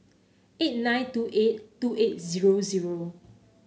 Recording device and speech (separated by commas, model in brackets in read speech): mobile phone (Samsung C9), read sentence